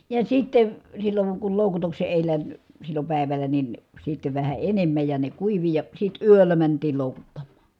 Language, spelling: Finnish, ja sitten silloin kun loukutuksen edellä silloin päivällä niin sitten vähän enemmän ja ne kuivui ja sitten yöllä mentiin loukuttamaan
- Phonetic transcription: ja sittev , silloŋ kul lòukutukse èilä , sillo pä̀iväl̀ä nin , sitte vähä enemmäj ja ne kuivi ja , sit yöllä mäntiil lòukuttammA .

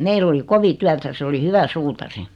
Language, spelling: Finnish, meillä oli kovin työtä se oli hyvä suutari
- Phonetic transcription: meill ‿oli "kovi 'tyätä 'se oli "hyvä 'suutari .

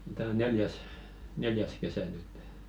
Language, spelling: Finnish, tämä on neljäs neljäs kesä nyt
- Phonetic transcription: 'tää o 'neljäs , "neljäs 'kesä nyttᴇ .

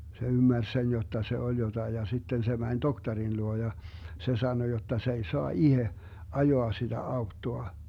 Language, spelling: Finnish, se ymmärsi sen jotta se oli jotakin ja sitten se meni tohtorin luo ja se sanoi jotta se ei saa itse ajaa sitä autoa
- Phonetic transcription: se 'ymmärs 'sen jotta se 'oĺ jotai ja 'sitten se mäń "doktarin 'luo ja , 'se 'sano jotta 's ‿ei 'soa "ihe , 'ajoa siDä 'auttoa .

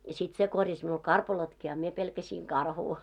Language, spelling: Finnish, ja sitten se korjasi minulle karpalotkin a minä pelkäsin karhua
- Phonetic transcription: ja 'sit se 'korjas miul "karpalotki a mie pelkäsiiŋ "karhuu .

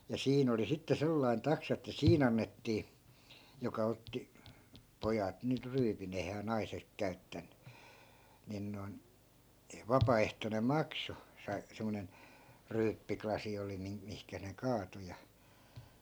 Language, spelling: Finnish, ja siinä oli sitten sellainen taksa että siinä annettiin joka otti pojat nyt ryyppivät eihän naiset käyttänyt niin noin vapaaehtoinen maksu - semmoinen ryyppylasi oli - mihin ne kaatoi ja
- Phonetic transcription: ja 'siin ‿oli sitte 'sellai̮n 'taksa että "siin ‿annettii , joka 'otti , "pojat 'nyt 'ryypin ‿eihää 'naisek käy̬ttän̆ny , nin noi̮n , 'vapaaehtonem̆ "makso , sai- , 'semmonen , "ryyppi'klasi oli 'min- , 'mihkä ne 'kaato ja , .

